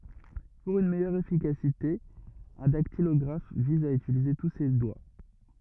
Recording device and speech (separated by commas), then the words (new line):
rigid in-ear microphone, read sentence
Pour une meilleure efficacité, un dactylographe vise à utiliser tous ses doigts.